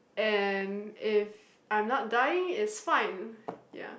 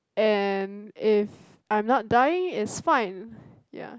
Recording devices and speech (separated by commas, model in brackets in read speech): boundary microphone, close-talking microphone, conversation in the same room